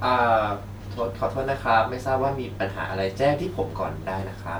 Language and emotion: Thai, neutral